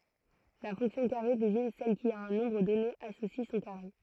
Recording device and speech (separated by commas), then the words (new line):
throat microphone, read sentence
La fonction carré désigne celle qui, à un nombre donné associe son carré.